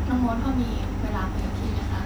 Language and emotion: Thai, neutral